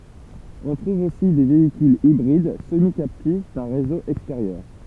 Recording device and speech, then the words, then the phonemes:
temple vibration pickup, read sentence
On trouve aussi des véhicules hybrides semi-captifs d'un réseau extérieur.
ɔ̃ tʁuv osi de veikylz ibʁid səmikaptif dœ̃ ʁezo ɛksteʁjœʁ

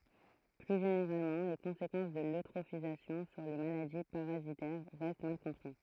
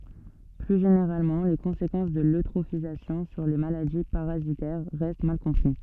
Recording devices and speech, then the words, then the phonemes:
throat microphone, soft in-ear microphone, read sentence
Plus généralement, les conséquences de l'eutrophisation sur les maladies parasitaires restent mal compris.
ply ʒeneʁalmɑ̃ le kɔ̃sekɑ̃s də løtʁofizasjɔ̃ syʁ le maladi paʁazitɛʁ ʁɛst mal kɔ̃pʁi

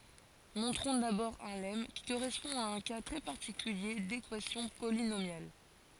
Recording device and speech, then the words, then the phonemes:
forehead accelerometer, read sentence
Montrons d'abord un lemme, qui correspond à un cas très particulier d'équation polynomiale.
mɔ̃tʁɔ̃ dabɔʁ œ̃ lɛm ki koʁɛspɔ̃ a œ̃ ka tʁɛ paʁtikylje dekwasjɔ̃ polinomjal

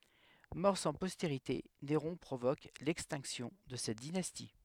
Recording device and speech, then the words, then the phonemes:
headset microphone, read sentence
Mort sans postérité, Néron provoque l'extinction de cette dynastie.
mɔʁ sɑ̃ pɔsteʁite neʁɔ̃ pʁovok lɛkstɛ̃ksjɔ̃ də sɛt dinasti

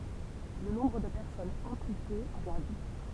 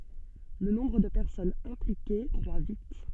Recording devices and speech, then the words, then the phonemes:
temple vibration pickup, soft in-ear microphone, read sentence
Le nombre de personnes impliquées croît vite.
lə nɔ̃bʁ də pɛʁsɔnz ɛ̃plike kʁwa vit

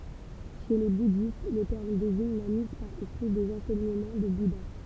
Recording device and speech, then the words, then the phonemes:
temple vibration pickup, read sentence
Chez les bouddhistes, le terme désigne la mise par écrit des enseignements du Bouddha.
ʃe le budist lə tɛʁm deziɲ la miz paʁ ekʁi dez ɑ̃sɛɲəmɑ̃ dy buda

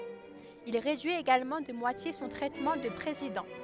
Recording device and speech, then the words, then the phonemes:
headset microphone, read sentence
Il réduit également de moitié son traitement de président.
il ʁedyi eɡalmɑ̃ də mwatje sɔ̃ tʁɛtmɑ̃ də pʁezidɑ̃

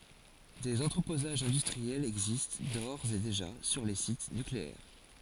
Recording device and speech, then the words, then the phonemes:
forehead accelerometer, read sentence
Des entreposages industriels existent d’ores et déjà sur les sites nucléaires.
dez ɑ̃tʁəpozaʒz ɛ̃dystʁiɛlz ɛɡzist doʁz e deʒa syʁ le sit nykleɛʁ

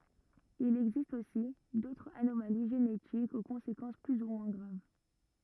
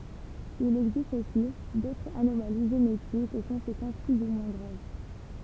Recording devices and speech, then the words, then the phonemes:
rigid in-ear microphone, temple vibration pickup, read sentence
Il existe aussi d'autres anomalies génétiques aux conséquences plus ou moins graves.
il ɛɡzist osi dotʁz anomali ʒenetikz o kɔ̃sekɑ̃s ply u mwɛ̃ ɡʁav

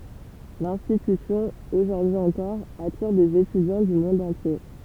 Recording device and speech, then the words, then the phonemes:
temple vibration pickup, read sentence
L'institution, aujourd’hui encore, attire des étudiants du monde entier.
lɛ̃stitysjɔ̃ oʒuʁdyi ɑ̃kɔʁ atiʁ dez etydjɑ̃ dy mɔ̃d ɑ̃tje

